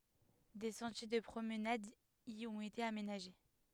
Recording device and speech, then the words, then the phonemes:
headset microphone, read sentence
Des sentiers de promenade y ont été aménagés.
de sɑ̃tje də pʁomnad i ɔ̃t ete amenaʒe

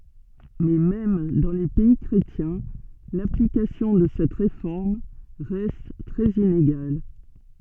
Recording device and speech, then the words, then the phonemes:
soft in-ear microphone, read sentence
Mais même dans les pays chrétiens, l'application de cette réforme reste très inégale.
mɛ mɛm dɑ̃ le pɛi kʁetjɛ̃ laplikasjɔ̃ də sɛt ʁefɔʁm ʁɛst tʁɛz ineɡal

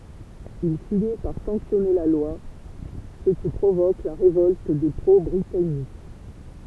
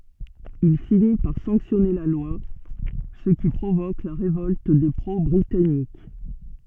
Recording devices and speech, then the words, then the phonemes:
temple vibration pickup, soft in-ear microphone, read sentence
Il finit par sanctionner la loi, ce qui provoque la révolte des pro-britanniques.
il fini paʁ sɑ̃ksjɔne la lwa sə ki pʁovok la ʁevɔlt de pʁo bʁitanik

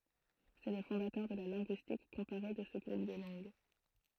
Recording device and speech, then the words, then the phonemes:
throat microphone, read sentence
C'est le fondateur de la linguistique comparée de ce groupe de langues.
sɛ lə fɔ̃datœʁ də la lɛ̃ɡyistik kɔ̃paʁe də sə ɡʁup də lɑ̃ɡ

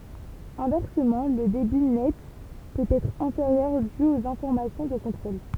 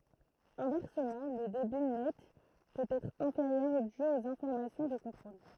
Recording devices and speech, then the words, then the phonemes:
temple vibration pickup, throat microphone, read sentence
Inversement, le débit net peut être inférieur dû aux informations de contrôle.
ɛ̃vɛʁsəmɑ̃ lə debi nɛt pøt ɛtʁ ɛ̃feʁjœʁ dy oz ɛ̃fɔʁmasjɔ̃ də kɔ̃tʁol

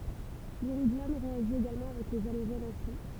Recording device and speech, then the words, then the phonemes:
temple vibration pickup, read sentence
L'iridium réagit également avec les halogènes à chaud.
liʁidjɔm ʁeaʒi eɡalmɑ̃ avɛk le aloʒɛnz a ʃo

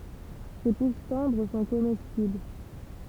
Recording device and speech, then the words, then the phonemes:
temple vibration pickup, read sentence
Ses pousses tendres sont comestibles.
se pus tɑ̃dʁ sɔ̃ komɛstibl

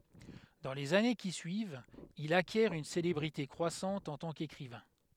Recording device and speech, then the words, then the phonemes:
headset microphone, read sentence
Dans les années qui suivent, il acquiert une célébrité croissante en tant qu’écrivain.
dɑ̃ lez ane ki syivt il akjɛʁ yn selebʁite kʁwasɑ̃t ɑ̃ tɑ̃ kekʁivɛ̃

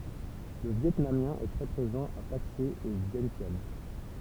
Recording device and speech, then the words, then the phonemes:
temple vibration pickup, read sentence
Le vietnamien est très présent à Paksé et Vientiane.
lə vjɛtnamjɛ̃ ɛ tʁɛ pʁezɑ̃ a pakse e vjɛ̃sjan

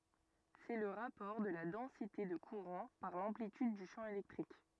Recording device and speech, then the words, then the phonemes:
rigid in-ear microphone, read sentence
C'est le rapport de la densité de courant par l'amplitude du champ électrique.
sɛ lə ʁapɔʁ də la dɑ̃site də kuʁɑ̃ paʁ lɑ̃plityd dy ʃɑ̃ elɛktʁik

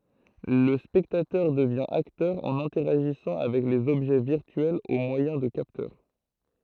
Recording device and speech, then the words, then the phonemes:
throat microphone, read sentence
Le spectateur devient acteur en interagissant avec les objets virtuels au moyen de capteurs.
lə spɛktatœʁ dəvjɛ̃ aktœʁ ɑ̃n ɛ̃tɛʁaʒisɑ̃ avɛk lez ɔbʒɛ viʁtyɛlz o mwajɛ̃ də kaptœʁ

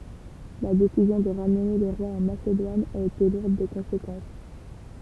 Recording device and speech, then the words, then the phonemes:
temple vibration pickup, read sentence
La décision de ramener les rois en Macédoine a été lourde de conséquences.
la desizjɔ̃ də ʁamne le ʁwaz ɑ̃ masedwan a ete luʁd də kɔ̃sekɑ̃s

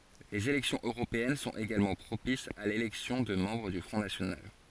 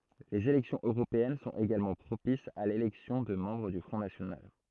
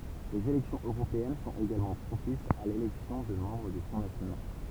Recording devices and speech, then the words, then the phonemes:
forehead accelerometer, throat microphone, temple vibration pickup, read sentence
Les élections européennes sont également propices à l'élection de membres du Front national.
lez elɛksjɔ̃z øʁopeɛn sɔ̃t eɡalmɑ̃ pʁopisz a lelɛksjɔ̃ də mɑ̃bʁ dy fʁɔ̃ nasjonal

